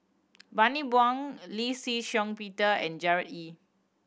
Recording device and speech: boundary microphone (BM630), read sentence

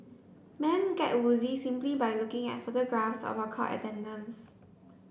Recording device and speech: boundary microphone (BM630), read sentence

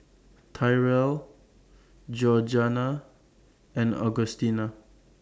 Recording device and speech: standing microphone (AKG C214), read sentence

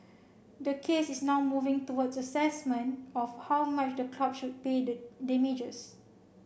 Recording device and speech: boundary microphone (BM630), read sentence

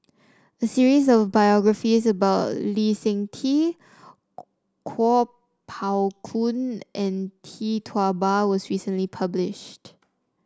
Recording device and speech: standing microphone (AKG C214), read sentence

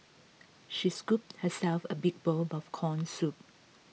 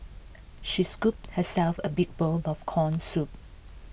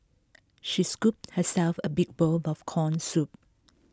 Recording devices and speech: mobile phone (iPhone 6), boundary microphone (BM630), close-talking microphone (WH20), read sentence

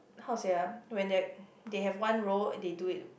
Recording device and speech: boundary microphone, conversation in the same room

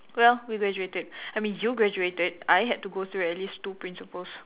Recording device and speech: telephone, conversation in separate rooms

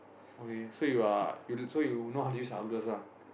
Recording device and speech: boundary microphone, conversation in the same room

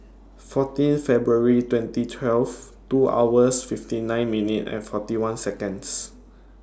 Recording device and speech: standing microphone (AKG C214), read sentence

